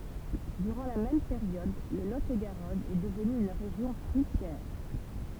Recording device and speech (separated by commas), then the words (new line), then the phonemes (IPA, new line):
temple vibration pickup, read sentence
Durant la même période, le Lot-et-Garonne est devenu une région fruitière.
dyʁɑ̃ la mɛm peʁjɔd lə lo e ɡaʁɔn ɛ dəvny yn ʁeʒjɔ̃ fʁyitjɛʁ